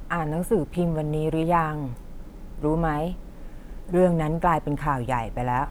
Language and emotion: Thai, neutral